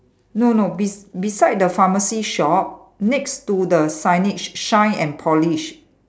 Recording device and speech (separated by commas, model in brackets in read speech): standing microphone, conversation in separate rooms